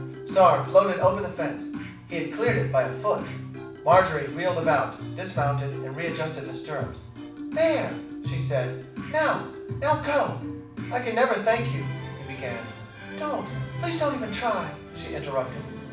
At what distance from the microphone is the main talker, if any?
5.8 m.